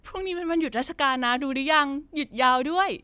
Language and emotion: Thai, happy